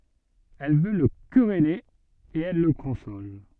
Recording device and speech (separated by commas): soft in-ear microphone, read sentence